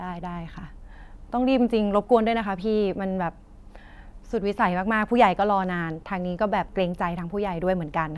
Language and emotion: Thai, frustrated